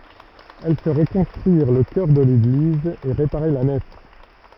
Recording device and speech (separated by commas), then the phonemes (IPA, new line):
rigid in-ear microphone, read sentence
ɛl fɛ ʁəkɔ̃stʁyiʁ lə kœʁ də leɡliz e ʁepaʁe la nɛf